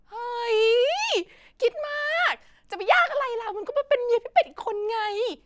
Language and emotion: Thai, happy